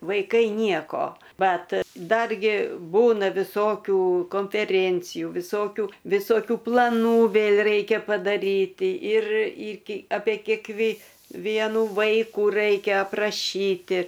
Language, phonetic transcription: Lithuanian, vaiˈkai ˈnieko ˈbat ˈdargi ˈbūna viˈsokių konfeˈrėncijų viˈsokių visoˈkių plaˈnų ˈvėl' ˈraikia padaˈryti ir iki apė kėkˈvė ˈvienu ˈvaikų ˈraikia apraˈšyti

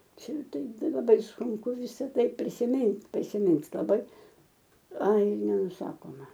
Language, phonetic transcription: Lithuanian, ˈčia ˈtai ˈtai laˈbai sunˈku ˈvisa ˈtai prisiˈmint' prisiˈmint' laˈbai ˈai nenuˈsakoma

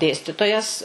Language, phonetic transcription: Lithuanian, ˈdėstitojas

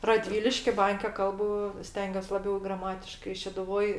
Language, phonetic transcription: Lithuanian, raˈdvyliški ˈbanke ˈkalbu ˈstengiuos laˈbiau graˈmatiškai šeduˈvoj

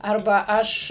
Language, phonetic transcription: Lithuanian, ˈarba ˈaš

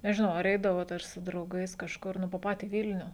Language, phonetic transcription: Lithuanian, nežiˈnau ar ˈeidavot ar su drauˈgais kažˈkur ˈnu po ˈpatį ˈvilniu

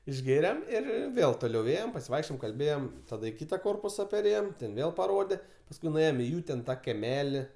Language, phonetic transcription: Lithuanian, išˈgėrem ir ˈir ˈvėl toˈliau ˈėjem pasiˈvaikščiojem kalˈbėjem taˈda i ˈkyta ˈkorpusa perˈėjem ten ˈvėl paˈrode pasˈkui nuˈėjom i ˈjų ten ˈtą keˈmeli

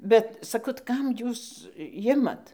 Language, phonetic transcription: Lithuanian, ˈbet saˈkau tai ˈkam ˈjūs ˈjimat

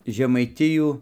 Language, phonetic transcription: Lithuanian, žemaiˈtijų

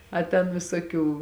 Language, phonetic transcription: Lithuanian, a ten visoˈkių

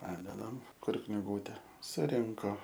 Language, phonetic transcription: Lithuanian, ˈpadedam ˈkur kniˈgūte suˈrinko

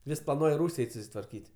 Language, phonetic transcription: Lithuanian, ˈvis plaˈnuoj ˈrūs' ˈeit' susitvarˈkyt'

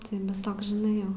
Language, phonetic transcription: Lithuanian, ˈtai bet ˈtoks žiˈnai ˈjau

